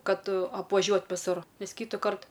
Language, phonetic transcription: Lithuanian, ˈkad apvaˈžiuot viˈsur ˈnes ˈkytukart

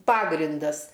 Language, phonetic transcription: Lithuanian, ˈpagrindas

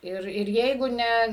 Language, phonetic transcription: Lithuanian, ˈir ir ˈjeigu ˈne

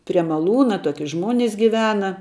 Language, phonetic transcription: Lithuanian, prie maˈlūna ˈtoki ˈžmonis giˈvena

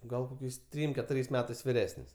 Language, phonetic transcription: Lithuanian, ˈgal koˈkiais ˈtrym keˈturiais ˈmetais viˈresnis

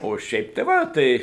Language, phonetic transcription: Lithuanian, o ˈšiaip tei ˈva ˈtai

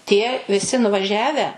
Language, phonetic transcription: Lithuanian, tie viˈsi nuvaˈžiavę

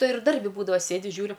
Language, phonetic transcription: Lithuanian, ˈtai ir ˈdarbi ˈbūdava ˈsėdi ˈžiūriu

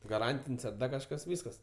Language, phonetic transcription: Lithuanian, gaˈrantin's' ar ˈdar kažˈkas ˈvyskas

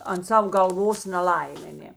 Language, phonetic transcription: Lithuanian, ant ˈsav galˈvos neˈlaimė ˈnė

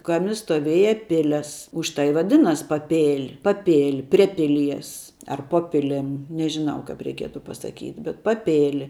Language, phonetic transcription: Lithuanian, ˈkami stoˈvėja ˈpilias ˈuž tai i vaˈdinas' paˈpėl' paˈpėl' prie ˈpiˌlies ar ˈpo piˈlim nežiˈnau kap reiˈkietu pasaˈkyt' bet paˈpėli

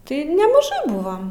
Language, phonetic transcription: Lithuanian, ˈtai nemaˈžai ˈbuvom

